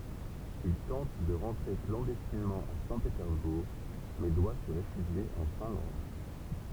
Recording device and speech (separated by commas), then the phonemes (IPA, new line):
temple vibration pickup, read sentence
il tɑ̃t də ʁɑ̃tʁe klɑ̃dɛstinmɑ̃ a sɛ̃petɛʁzbuʁ mɛ dwa sə ʁefyʒje ɑ̃ fɛ̃lɑ̃d